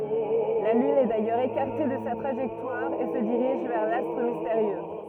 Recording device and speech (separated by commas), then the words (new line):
rigid in-ear microphone, read sentence
La Lune est d'ailleurs écartée de sa trajectoire et se dirige vers l'astre mystérieux.